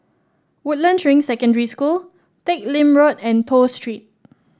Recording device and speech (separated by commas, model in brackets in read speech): standing microphone (AKG C214), read sentence